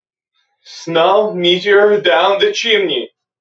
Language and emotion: English, sad